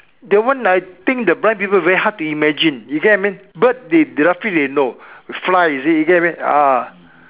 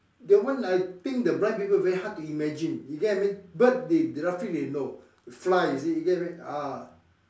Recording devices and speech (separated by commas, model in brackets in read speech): telephone, standing microphone, conversation in separate rooms